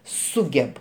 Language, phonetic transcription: Lithuanian, ˈsugeb

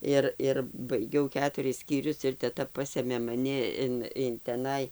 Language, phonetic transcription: Lithuanian, ˈir ir baiˈgiau ˈketuris skyˈrius ir teˈta ˈpasėmė maˈni in in teˈnai

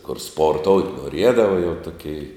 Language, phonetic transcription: Lithuanian, kur ˈsporˌtout' noˈriedava jau ˈtuˌkei

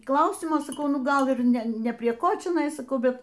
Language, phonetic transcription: Lithuanian, ˈklausimo saˈkau ˈnu ˈgal ˈir ˈne ˈne prie ˈko čiaˈnai saˈkau bet

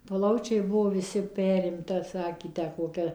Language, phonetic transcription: Lithuanian, ˈplaučiai ˈbuvo viˈsi ˈperimta ˈsakė ˈtę koˈkia

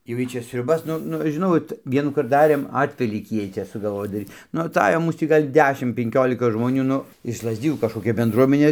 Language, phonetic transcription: Lithuanian, jau ˈjy ˈčia sriuˈbas ˈnu ˈnu žiˈnau ot ˈvienųkart ˈdarėm ˈatvelykį ˈjiej ˈčia sugalˈvoj daˈryt nu aˈtajo ˈmūs tį ˈgal' ˈdešim penˈkiolika žmoˈnių ˈnu iš lazˈdijų kažkoˈkia benˈdruomenė

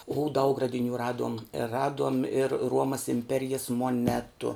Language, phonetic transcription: Lithuanian, u daug radiˈnių ˈraduom ˈraduom ir ˈruomas imˈperijas moˈnetu

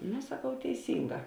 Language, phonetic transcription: Lithuanian, no saˈkau teiˈsynˌgā

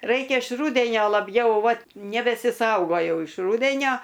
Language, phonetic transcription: Lithuanian, ˈraikia iš ˈrūdenio laˈbjau ˈvat nebesiˈsaugojau iš ˈrūdenio

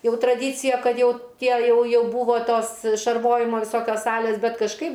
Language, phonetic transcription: Lithuanian, ˈjau traˈdycija ˈkad ˈjau ˈtie ˈjau ˈjau būvo ˈtos šarˈvojimo viˈsokios ˈsalės ˈbet kažˈkaip

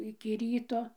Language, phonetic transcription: Lithuanian, iki ˈryto

